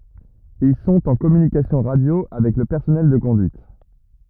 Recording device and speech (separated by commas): rigid in-ear microphone, read sentence